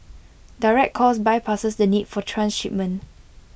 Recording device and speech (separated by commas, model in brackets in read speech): boundary microphone (BM630), read sentence